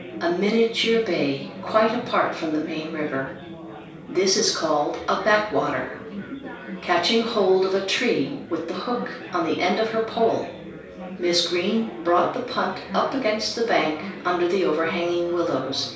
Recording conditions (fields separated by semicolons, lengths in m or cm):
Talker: one person; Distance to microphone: 3.0 m; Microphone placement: far; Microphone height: 1.8 m; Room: small (3.7 m by 2.7 m); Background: babble